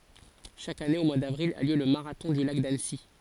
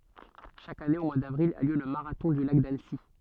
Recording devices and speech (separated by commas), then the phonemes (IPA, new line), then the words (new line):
forehead accelerometer, soft in-ear microphone, read sentence
ʃak ane o mwaə davʁil a ljø lə maʁatɔ̃ dy lak danəsi
Chaque année au mois d'avril a lieu le marathon du Lac d'Annecy.